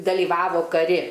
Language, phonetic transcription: Lithuanian, dalyˈvavo kaˈri

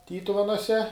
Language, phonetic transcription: Lithuanian, ˈtytuvenuose

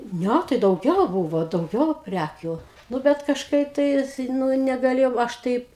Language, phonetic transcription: Lithuanian, ˈnæ tai dauˈgiau ˈbūvo dauˈgiau ˈprækių ˈnu bet kažˈkaip tais ˈnu negaˈlėjau ˈaš taip

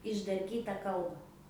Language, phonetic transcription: Lithuanian, išdarˈkyta ˈkalba

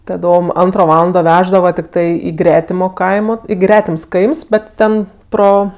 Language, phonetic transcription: Lithuanian, taˈdom ˈantro ˈvalando ˈveždava tikˈtai i ˈgretimo ˈkaimo i ˈgretims ˈkaims ˈbet ˈten ˈpro

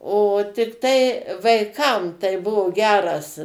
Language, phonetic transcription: Lithuanian, o tikˈtai vaiˈkam tai ˈbuvo ˈgeras

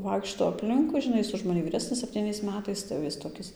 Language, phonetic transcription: Lithuanian, ˈvaikšto apˈlinkui žiˈnai ˈjis už maˈni vyˈresnis septyˈniais ˈmetais tai jau ˈjis toˈkis

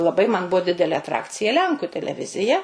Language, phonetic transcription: Lithuanian, laˈbai man ˈbuo ˈdidelė atˈrakcija ˈlenku teleˈvizija

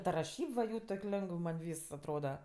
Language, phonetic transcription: Lithuanian, ta raˈšyb va ˈjų tok' ˈlengəv man' ˈvys atˈroda

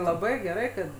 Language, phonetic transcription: Lithuanian, laˈbai geˈrai kad

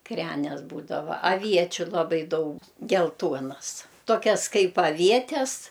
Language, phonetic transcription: Lithuanian, ˈkrenes ˈbūdava aˈviečiu laˈbai ˈdaug gelˈtuonas toˈkias ˈkaip aˈvietes

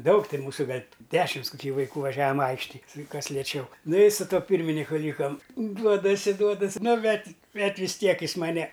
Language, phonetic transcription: Lithuanian, ˈdaug ˈtin ˈmūsu ˈgal' ˈdešims koˈky vaiˈkų vaˈžiavam ˈaikštij ˈkas lieˈčiau ˈnu i su ˈtuo ˈpyrminiku ˈlykam ˈduodasi ˈduodas' ˈnu ˈbet ˈbet vis ˈtiek ˈjis maˈne

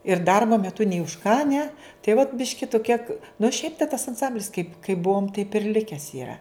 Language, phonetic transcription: Lithuanian, ir ˈdarbo meˈtu nei už ką ne tai vat ˈbiški tu kiek nu ˈšiaip tas anˈsamblis kaip kaip ˈbuom taip ir ˈlikes iˈra

